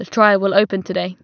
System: none